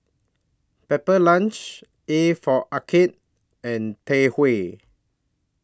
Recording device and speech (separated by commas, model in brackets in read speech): standing microphone (AKG C214), read sentence